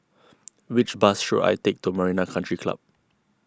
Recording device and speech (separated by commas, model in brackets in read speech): close-talking microphone (WH20), read sentence